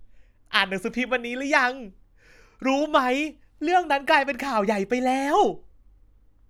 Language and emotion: Thai, happy